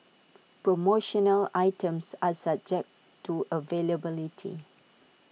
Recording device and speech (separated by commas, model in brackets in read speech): mobile phone (iPhone 6), read sentence